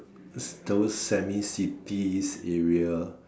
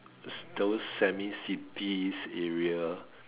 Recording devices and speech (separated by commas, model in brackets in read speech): standing microphone, telephone, conversation in separate rooms